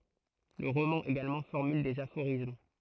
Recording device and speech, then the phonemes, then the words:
throat microphone, read sentence
lə ʁomɑ̃ eɡalmɑ̃ fɔʁmyl dez afoʁism
Le roman également formule des aphorismes.

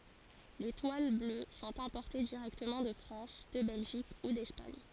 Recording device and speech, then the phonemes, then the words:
forehead accelerometer, read sentence
le twal blø sɔ̃t ɛ̃pɔʁte diʁɛktəmɑ̃ də fʁɑ̃s də bɛlʒik u dɛspaɲ
Les toiles bleues sont importées directement de France, de Belgique ou d'Espagne.

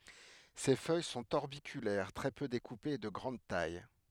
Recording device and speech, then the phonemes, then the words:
headset microphone, read sentence
se fœj sɔ̃t ɔʁbikylɛʁ tʁɛ pø dekupez e də ɡʁɑ̃d taj
Ses feuilles sont orbiculaires, très peu découpées et de grande taille.

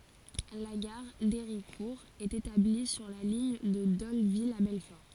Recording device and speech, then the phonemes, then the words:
forehead accelerometer, read sentence
la ɡaʁ deʁikuʁ ɛt etabli syʁ la liɲ də dolvil a bɛlfɔʁ
La gare d'Héricourt est établie sur la ligne de Dole-Ville à Belfort.

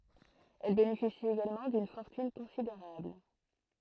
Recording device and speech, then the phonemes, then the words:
throat microphone, read sentence
ɛl benefisi eɡalmɑ̃ dyn fɔʁtyn kɔ̃sideʁabl
Elle bénéficie également d'une fortune considérable.

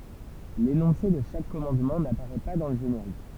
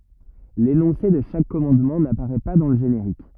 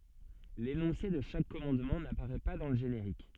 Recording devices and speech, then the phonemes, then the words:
temple vibration pickup, rigid in-ear microphone, soft in-ear microphone, read sentence
lenɔ̃se də ʃak kɔmɑ̃dmɑ̃ napaʁɛ pa dɑ̃ lə ʒeneʁik
L'énoncé de chaque commandement n'apparaît pas dans le générique.

